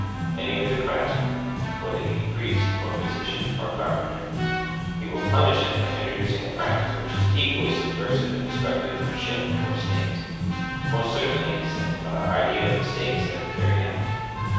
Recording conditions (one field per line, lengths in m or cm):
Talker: one person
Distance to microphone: 7.1 m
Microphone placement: far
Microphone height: 1.7 m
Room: very reverberant, large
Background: music